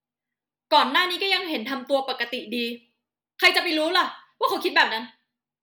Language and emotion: Thai, angry